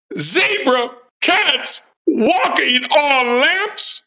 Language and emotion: English, surprised